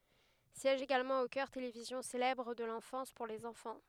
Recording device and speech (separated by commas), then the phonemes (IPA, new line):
headset microphone, read sentence
sjɛʒ eɡalmɑ̃ o kœʁ televizjɔ̃ selɛbʁ də lɑ̃fɑ̃s puʁ lez ɑ̃fɑ̃